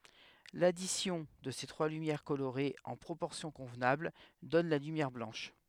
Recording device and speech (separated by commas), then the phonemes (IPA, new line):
headset microphone, read sentence
ladisjɔ̃ də se tʁwa lymjɛʁ koloʁez ɑ̃ pʁopɔʁsjɔ̃ kɔ̃vnabl dɔn la lymjɛʁ blɑ̃ʃ